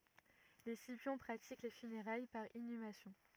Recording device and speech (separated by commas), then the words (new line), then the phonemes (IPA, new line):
rigid in-ear microphone, read sentence
Les Scipions pratiquent les funérailles par inhumation.
le sipjɔ̃ pʁatik le fyneʁaj paʁ inymasjɔ̃